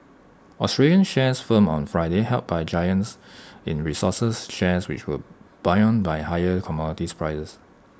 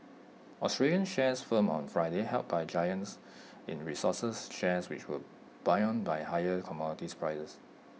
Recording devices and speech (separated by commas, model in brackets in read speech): standing microphone (AKG C214), mobile phone (iPhone 6), read sentence